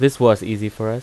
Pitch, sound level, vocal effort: 110 Hz, 87 dB SPL, normal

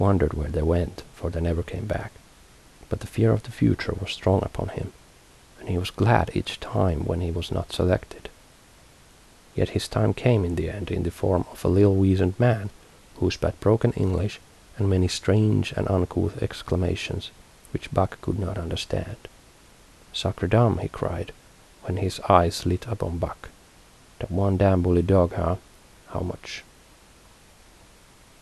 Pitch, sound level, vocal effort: 95 Hz, 73 dB SPL, soft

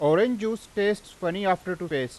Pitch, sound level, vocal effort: 185 Hz, 94 dB SPL, very loud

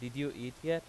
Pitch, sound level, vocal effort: 140 Hz, 92 dB SPL, loud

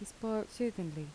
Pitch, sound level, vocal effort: 210 Hz, 75 dB SPL, soft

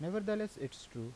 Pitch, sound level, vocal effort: 160 Hz, 84 dB SPL, normal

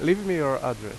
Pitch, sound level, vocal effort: 135 Hz, 88 dB SPL, very loud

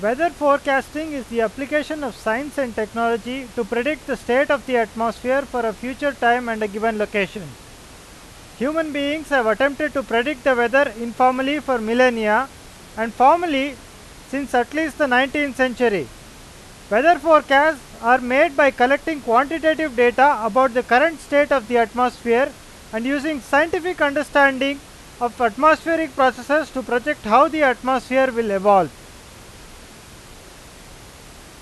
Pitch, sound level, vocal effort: 260 Hz, 98 dB SPL, very loud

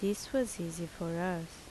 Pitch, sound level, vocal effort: 175 Hz, 75 dB SPL, normal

